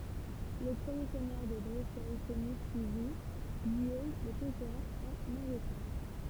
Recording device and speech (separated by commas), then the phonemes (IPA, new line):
temple vibration pickup, read sentence
lə pʁəmje sɛɲœʁ də bʁesɛ kɔny syivi ɡijom lə kɔ̃keʁɑ̃ ɑ̃n ɑ̃ɡlətɛʁ